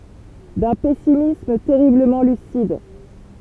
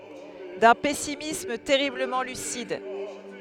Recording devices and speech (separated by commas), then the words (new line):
temple vibration pickup, headset microphone, read sentence
D’un pessimisme terriblement lucide.